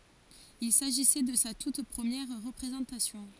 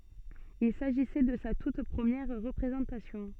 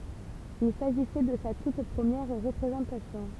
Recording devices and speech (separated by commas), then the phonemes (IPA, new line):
forehead accelerometer, soft in-ear microphone, temple vibration pickup, read sentence
il saʒisɛ də sa tut pʁəmjɛʁ ʁəpʁezɑ̃tasjɔ̃